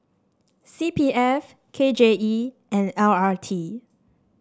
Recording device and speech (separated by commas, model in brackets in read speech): standing microphone (AKG C214), read sentence